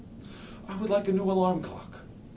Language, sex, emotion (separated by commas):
English, male, neutral